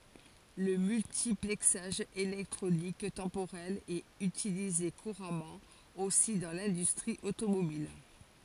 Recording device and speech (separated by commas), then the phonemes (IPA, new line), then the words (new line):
forehead accelerometer, read sentence
lə myltiplɛksaʒ elɛktʁonik tɑ̃poʁɛl ɛt ytilize kuʁamɑ̃ osi dɑ̃ lɛ̃dystʁi otomobil
Le multiplexage électronique temporel est utilisé couramment aussi dans l'industrie automobile.